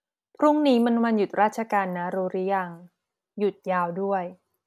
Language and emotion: Thai, neutral